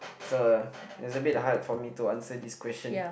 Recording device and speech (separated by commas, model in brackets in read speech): boundary microphone, conversation in the same room